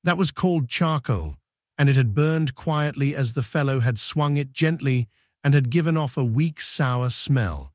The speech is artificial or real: artificial